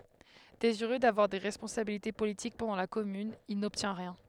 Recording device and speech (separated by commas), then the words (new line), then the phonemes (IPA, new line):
headset microphone, read sentence
Désireux d’avoir des responsabilités politiques pendant la Commune, il n’obtient rien.
deziʁø davwaʁ de ʁɛspɔ̃sabilite politik pɑ̃dɑ̃ la kɔmyn il nɔbtjɛ̃ ʁjɛ̃